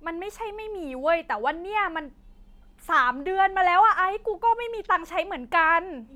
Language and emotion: Thai, frustrated